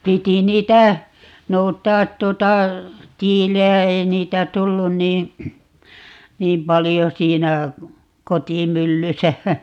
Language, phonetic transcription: Finnish, 'piti "niitä , 'nout̀aat 'tuᵒta , "tiilejä - 'ei niitä 'tullun nii , "niim 'palijo 'siinä , "kotimyllysä ,.
- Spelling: piti niitä noutaa tuota tiiliä ei niitä tullut niin niin paljon siinä kotimyllyssä

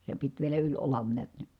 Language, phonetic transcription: Finnish, se pit vielä yĺ olan niät NI .
- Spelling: se piti vielä yli olan näet niin

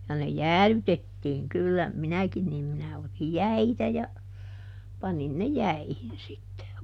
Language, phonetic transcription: Finnish, ja ne "jäälytettiiŋ ˈkyllä , "minäkin niim minä otij "jäitä ja , ˈpanin ne "jäihin sitte .
- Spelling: ja ne jäädytettiin kyllä minäkin niin minä otin jäitä ja panin ne jäihin sitten

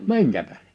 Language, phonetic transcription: Finnish, 'miŋkä tähᴇ ?
- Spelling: minkä tähden

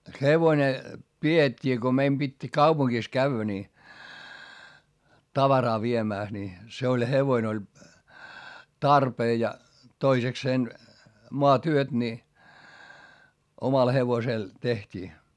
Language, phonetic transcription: Finnish, hevone , pi₍et́t́ii ko meim Bit́ , kaupuŋkis käʸvvä ni , tavaraa viemä̀s ni , se oĺ hevoin ‿oĺ , tarpee ja , toisekseen , moatyöt ni , omal hevosel , teht́ii .
- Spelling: hevonen pidettiin kun meidän piti kaupungissa käydä niin tavaraa viemässä niin se oli hevonen oli tarpeen ja toisekseen maatyöt niin omalla hevosella tehtiin

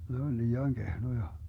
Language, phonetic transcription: Finnish, 'ne on 'lii₍aŋ 'Gehnoja .
- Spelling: ne on liian kehnoja

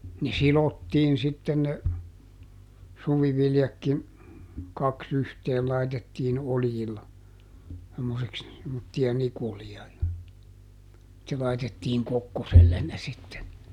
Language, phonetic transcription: Finnish, ne "silottiin sitten ne , ˈsuviviljakkin , ˈkaks ‿yhteel laitettiin "oljilla , semmoseks , semmottija ˈnikulija ja , (sitte) laitettiiŋ ˈkokkosellen ne sitten .
- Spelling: ne sidottiin sitten ne suviviljatkin kaksi yhteen laitettiin oljilla semmoiseksi semmoisia nikuleja ja sitten laitettiin kokkoselle ne sitten

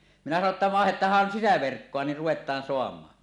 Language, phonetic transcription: Finnish, minä sano ‿tta » "vàehet̀aahhan 'sisäverkkoa ni ruwet̀aan soam̀aan « .
- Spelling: minä sanoin jotta vaihdetaan sisäverkkoa niin ruvetaan saamaan

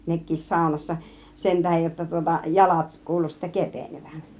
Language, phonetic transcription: Finnish, 'nek̆kiis "sàunassa , 'sen 'tähej jotta tŭŏta , 'jalat 'kuulu sittä "kepènevän .
- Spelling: nekin saunassa sen tähden jotta tuota jalat kuului sitten kevenevän

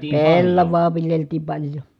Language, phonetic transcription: Finnish, pellavaa viljeltii paĺjo .
- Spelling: pellavaa viljeltiin paljon

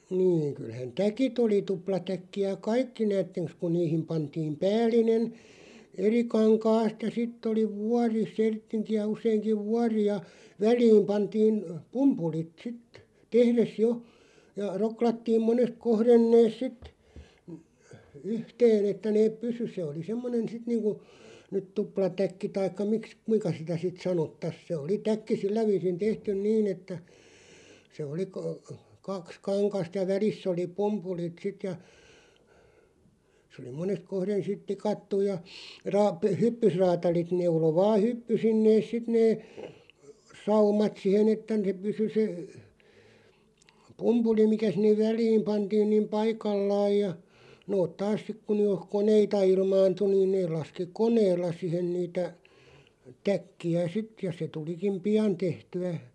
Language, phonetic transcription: Finnish, 'niiŋ kylhän "täkit ‿oli 'tuplatäkki₍ä "kaikki 'näätteŋks kuⁿ 'niihim 'pantiim "pääll̆inen , "eri 'kaŋkaast ja 'sitt ‿oli "vuari 'serttiŋki₍ä 'useiŋkiᵛ "vuari ja , "väl̀iim 'pantiin , 'pumpulit "sit , 'tehres "jo , ja "roklattiim 'monest 'kohren 'nees "sit , (y-) 'yhteen ‿että 'neeᵖ "pysy se oli 'semmonen̬ 'sit niiŋku , nyt 'tuplatäkki 'taikka miks- "kuiŋka sitä 'sit 'sanottas 'se 'oli 'täkki "sillä 'viisin 'tehtyn "niin ‿että , 'se oli , ka- , 'kaks "kaŋkast ja "väliss ‿oli "p(u)mpulit 'sit ja , sᵉ oli 'monest 'kohren sit "tikattuʲ ja , raap- "hyppysraatalit 'neulo 'vaaʰ 'hyppysin neeˢ 'sit nee , "saumat 'sihen ‿että (s)e 'pysy se , "pumpuli 'mikä 'sinnev "väl̀iim 'pantiin niim "paikallaaj ja , 'noot "taas 'sik ku (ny jo) , "koneita 'ilmaantu niin 'neeˡ laski "koneella 'sihen niitä , 'täkki₍ä "sit ja se 'tulikiᵐ "piʲan 'tehty₍ä ,.
- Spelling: niin kyllähän täkit oli tuplatäkkejä kaikki näettekös kun niihin pantiin päällinen eri kankaasta ja sitten oli vuori serttinkiä useinkin vuori ja väliin pantiin pumpulit sitten tehdessä jo ja roklattiin monesta kohden ne sitten - yhteen että ne pysyi se oli semmoinen sitten niin kuin nyt tuplatäkki tai - kuinka sitä sitten sanottaisiin se oli täkki sillä viisin tehty niin että se oli - kaksi kangasta ja välissä oli pumpulit sitten ja se oli monesta kohden sitten tikattu ja - hyppysräätälit neuloi vain hyppysin ne sitten ne saumat siihen että se pysyi se pumpuli mikä sinne väliin pantiin niin paikallaan ja nuo taas sitten kun nyt jo koneita ilmaantui niin ne laski koneella siihen niitä täkkejä sitten ja se tulikin pian tehtyä

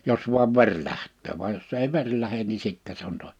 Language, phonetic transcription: Finnish, 'jos vuav 'ver 'lähttöö vaj jos ei 'veŕ lähen ni 'sittɛ se ‿on to[inen] . «
- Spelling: jos vain veri lähtee vaan jos ei veri lähde niin sitten se on toinen

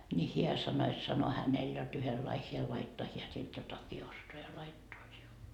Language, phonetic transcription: Finnish, ńi 'hiä sano et sano hänel jot 'yhellai 'hiä laittoa 'hiä sit 'jotaki 'ostoa ja 'laittoa siul .
- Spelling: niin hän sanoi että sanoi hänellä jotta yhdenlainen hän laittaa hän sitten jotakin ostaa ja laittaa sinulle

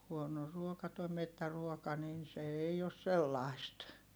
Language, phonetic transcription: Finnish, huono ruoka toi mettäruoka nin se ei os sellàist .
- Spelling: huono ruoka tuo metsäruoka niin se ei ole sellaista

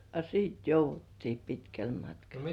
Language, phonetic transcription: Finnish, a "siit jouvvuttii 'pitkäl matkal .
- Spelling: a sitten jouduttiin pitkälle matkalle

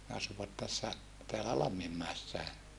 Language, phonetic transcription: Finnish, ne asuvat tässä , teälä Lammimmäessäe .
- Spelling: ne asuivat tässä täällä Lamminmäessäkin

